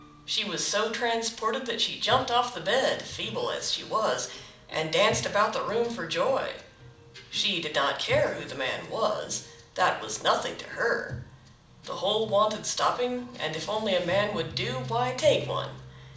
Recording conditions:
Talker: one person; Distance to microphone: 2.0 m; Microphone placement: close; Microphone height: 99 cm; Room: medium-sized (5.7 m by 4.0 m); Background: music

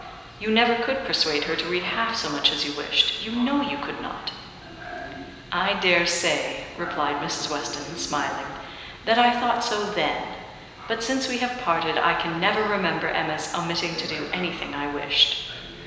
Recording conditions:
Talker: one person; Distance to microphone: 1.7 m; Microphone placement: close; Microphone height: 1.0 m; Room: very reverberant, large; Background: television

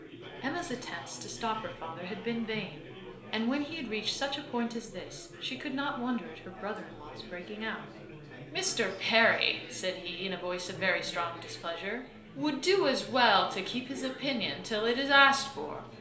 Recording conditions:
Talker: one person; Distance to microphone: 1.0 m; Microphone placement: close; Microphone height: 1.1 m; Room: small (3.7 m by 2.7 m); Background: babble

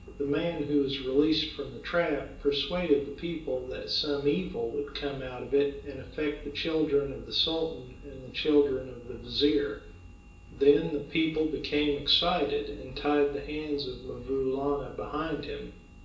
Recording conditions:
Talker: one person; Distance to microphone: 1.8 m; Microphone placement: close; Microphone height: 1.0 m; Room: large; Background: none

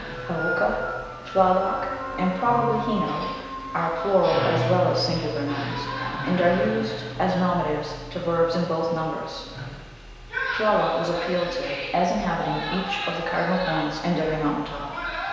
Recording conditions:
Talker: one person; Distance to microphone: 1.7 m; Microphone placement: close; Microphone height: 1.0 m; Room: very reverberant, large; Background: television

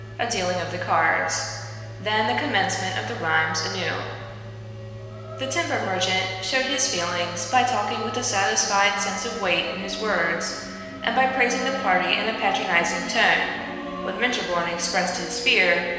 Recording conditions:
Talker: one person; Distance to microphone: 1.7 m; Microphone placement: close; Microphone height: 1.0 m; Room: very reverberant, large; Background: music

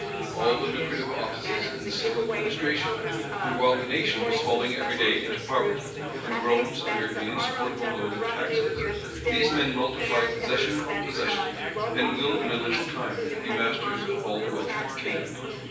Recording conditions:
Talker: one person; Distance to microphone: 9.8 m; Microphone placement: far; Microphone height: 1.8 m; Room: large; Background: babble

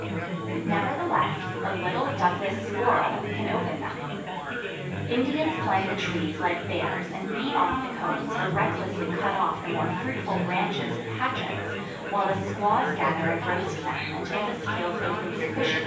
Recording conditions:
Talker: one person; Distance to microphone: 9.8 m; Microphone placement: far; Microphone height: 1.8 m; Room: large; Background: babble

